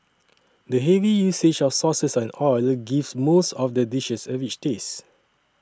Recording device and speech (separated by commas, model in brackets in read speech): standing microphone (AKG C214), read sentence